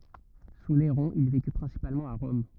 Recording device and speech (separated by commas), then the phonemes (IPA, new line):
rigid in-ear microphone, read sentence
su neʁɔ̃ il veky pʁɛ̃sipalmɑ̃t a ʁɔm